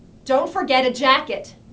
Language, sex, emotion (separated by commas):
English, female, angry